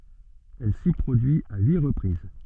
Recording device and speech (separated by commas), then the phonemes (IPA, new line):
soft in-ear microphone, read sentence
ɛl si pʁodyi a yi ʁəpʁiz